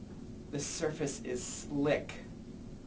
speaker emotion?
disgusted